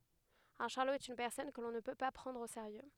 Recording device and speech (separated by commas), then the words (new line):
headset microphone, read sentence
Un charlot est une personne que l'on ne peut pas prendre au sérieux.